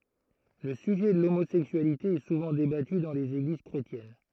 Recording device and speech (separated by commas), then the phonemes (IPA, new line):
throat microphone, read sentence
lə syʒɛ də lomozɛksyalite ɛ suvɑ̃ debaty dɑ̃ lez eɡliz kʁetjɛn